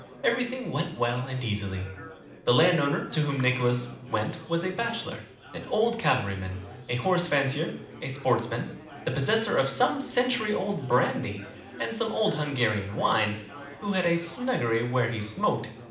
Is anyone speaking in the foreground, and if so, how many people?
One person.